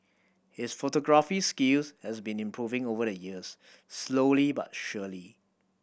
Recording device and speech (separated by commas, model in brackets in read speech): boundary microphone (BM630), read sentence